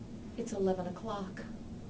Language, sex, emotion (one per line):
English
female
neutral